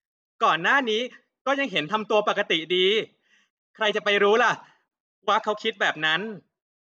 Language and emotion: Thai, frustrated